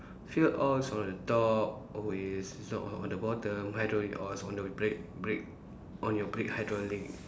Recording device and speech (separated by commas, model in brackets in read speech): standing microphone, conversation in separate rooms